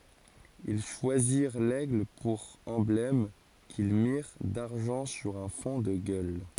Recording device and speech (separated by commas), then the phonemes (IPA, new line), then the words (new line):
forehead accelerometer, read sentence
il ʃwaziʁ lɛɡl puʁ ɑ̃blɛm kil miʁ daʁʒɑ̃ syʁ œ̃ fɔ̃ də ɡœl
Ils choisirent l'aigle pour emblème, qu'ils mirent d'argent sur un fond de gueules.